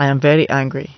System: none